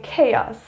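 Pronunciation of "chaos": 'Chaos' is pronounced correctly here.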